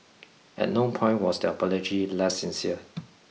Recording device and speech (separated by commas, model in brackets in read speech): mobile phone (iPhone 6), read sentence